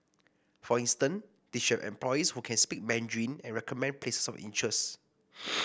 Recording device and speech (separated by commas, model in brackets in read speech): boundary microphone (BM630), read sentence